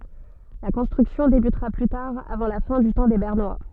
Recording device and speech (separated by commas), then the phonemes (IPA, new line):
soft in-ear microphone, read sentence
la kɔ̃stʁyksjɔ̃ debytʁa ply taʁ avɑ̃ la fɛ̃ dy tɑ̃ de bɛʁnwa